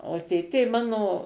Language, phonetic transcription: Lithuanian, o ˈtėtė ˈmano

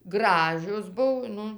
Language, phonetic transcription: Lithuanian, ˈgražios ˈbuv ˈnu

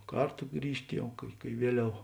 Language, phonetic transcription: Lithuanian, ˈkarto ˈgrįžt' ˈjau kai kai ˈvieˌliau

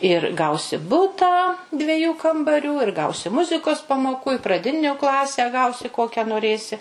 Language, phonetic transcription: Lithuanian, ir ˈgausi ˈbutą dveˈjų kambaˈrių ir ˈgausi ˈmuzikos pamoˈkų i praˈdiniu ˈklasę ˈgausi ˈkokią noˈrėsi

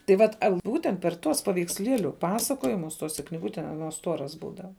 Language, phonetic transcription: Lithuanian, tai ˈvat ˈbūtent per ˈtuos paveiksˈlieliu ˈpasakojimus ˈtose kniˈgute aˈnuos ˈstuoras ˈbūdava

